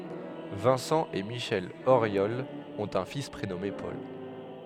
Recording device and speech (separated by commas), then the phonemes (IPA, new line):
headset microphone, read sentence
vɛ̃sɑ̃ e miʃɛl oʁjɔl ɔ̃t œ̃ fis pʁenɔme pɔl